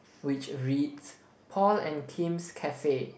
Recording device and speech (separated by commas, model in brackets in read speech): boundary microphone, conversation in the same room